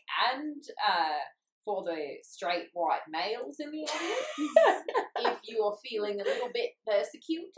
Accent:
australian accent